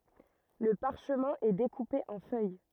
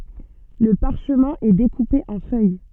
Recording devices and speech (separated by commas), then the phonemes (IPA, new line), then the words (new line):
rigid in-ear microphone, soft in-ear microphone, read sentence
lə paʁʃmɛ̃ ɛ dekupe ɑ̃ fœj
Le parchemin est découpé en feuilles.